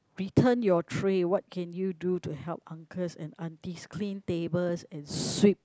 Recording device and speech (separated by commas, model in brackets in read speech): close-talking microphone, conversation in the same room